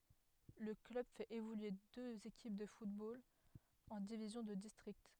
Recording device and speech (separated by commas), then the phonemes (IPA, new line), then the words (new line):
headset microphone, read sentence
lə klœb fɛt evolye døz ekip də futbol ɑ̃ divizjɔ̃ də distʁikt
Le club fait évoluer deux équipes de football en divisions de district.